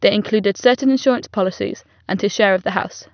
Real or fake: real